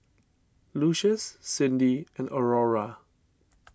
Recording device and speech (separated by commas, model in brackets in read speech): standing microphone (AKG C214), read sentence